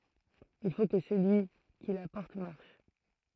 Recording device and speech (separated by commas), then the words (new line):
throat microphone, read sentence
Il faut que celui qui la porte marche.